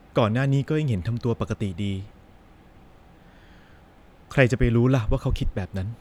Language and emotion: Thai, sad